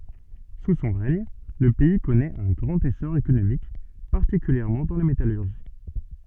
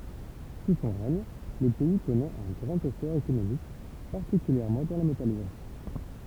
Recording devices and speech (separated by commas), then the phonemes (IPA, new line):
soft in-ear microphone, temple vibration pickup, read sentence
su sɔ̃ ʁɛɲ lə pɛi kɔnɛt œ̃ ɡʁɑ̃t esɔʁ ekonomik paʁtikyljɛʁmɑ̃ dɑ̃ la metalyʁʒi